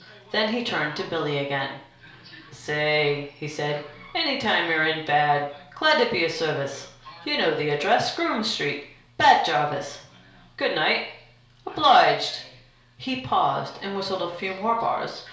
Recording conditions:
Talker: one person; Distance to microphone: 1.0 m; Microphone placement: close; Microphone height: 1.1 m; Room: small (3.7 m by 2.7 m); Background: television

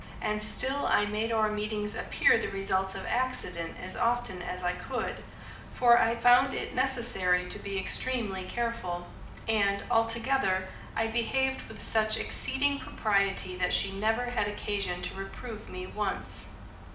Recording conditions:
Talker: one person; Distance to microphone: 2.0 m; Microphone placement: close; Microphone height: 99 cm; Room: medium-sized (5.7 m by 4.0 m); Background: none

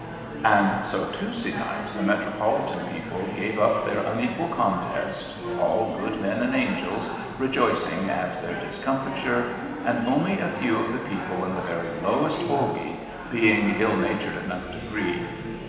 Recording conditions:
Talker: one person; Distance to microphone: 1.7 m; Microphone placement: close; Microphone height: 1.0 m; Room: very reverberant, large; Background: babble

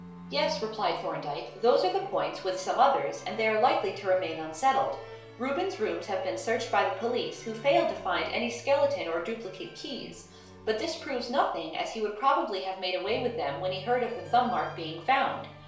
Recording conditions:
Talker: one person; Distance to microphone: 1.0 m; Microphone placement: close; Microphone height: 1.1 m; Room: small (3.7 m by 2.7 m); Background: music

